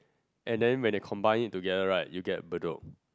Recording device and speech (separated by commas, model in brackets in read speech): close-talking microphone, conversation in the same room